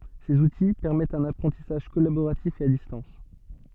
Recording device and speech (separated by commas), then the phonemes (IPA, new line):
soft in-ear microphone, read sentence
sez uti pɛʁmɛtt œ̃n apʁɑ̃tisaʒ kɔlaboʁatif e a distɑ̃s